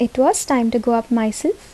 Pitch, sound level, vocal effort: 240 Hz, 73 dB SPL, normal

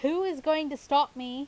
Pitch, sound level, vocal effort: 285 Hz, 93 dB SPL, loud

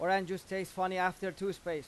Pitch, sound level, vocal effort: 185 Hz, 95 dB SPL, loud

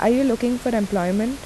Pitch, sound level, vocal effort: 235 Hz, 81 dB SPL, normal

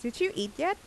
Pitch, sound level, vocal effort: 240 Hz, 84 dB SPL, normal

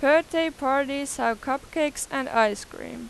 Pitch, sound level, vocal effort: 275 Hz, 93 dB SPL, very loud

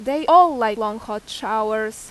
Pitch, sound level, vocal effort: 220 Hz, 92 dB SPL, very loud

